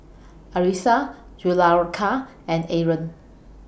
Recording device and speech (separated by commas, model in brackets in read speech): boundary microphone (BM630), read sentence